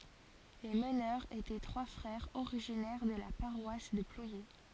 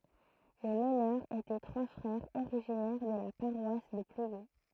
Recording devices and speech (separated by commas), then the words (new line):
forehead accelerometer, throat microphone, read sentence
Les meneurs étaient trois frères originaires de la paroisse de Plouyé.